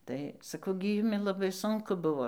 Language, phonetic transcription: Lithuanian, ˈtai saˈkau gi ˈjumi laˈbai ˈsunku ˈbuvo

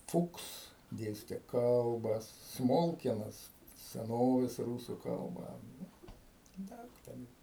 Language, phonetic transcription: Lithuanian, ˈfuks ˈdėste ˈkalbas ˈsmolkienas seˈnovės ˈrūsu ˈkalba ˈdaug ˈten

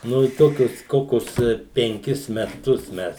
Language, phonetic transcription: Lithuanian, ˈnu i ˈtokius ˈkokius penˈkis meˈtus ˈmes

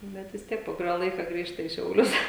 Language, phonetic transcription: Lithuanian, ˈbet vis ˈtiek po kuˈrio ˈlaika ˈgrįžta į šiauˈlius

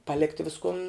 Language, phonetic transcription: Lithuanian, paˈlikti ˈviskun

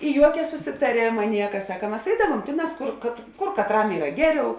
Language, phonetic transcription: Lithuanian, i ˈjuokia susitaˈrėma ˈnieka ˈsaka ˈmas ˈeidavuom ˈtėˌnās ˈkur kat ˈkur katˈram ˈyra ˈgeˌriau

